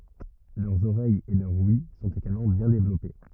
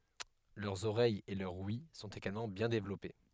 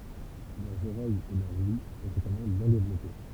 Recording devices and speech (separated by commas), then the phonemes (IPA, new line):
rigid in-ear microphone, headset microphone, temple vibration pickup, read sentence
lœʁz oʁɛjz e lœʁ wj sɔ̃t eɡalmɑ̃ bjɛ̃ devlɔpe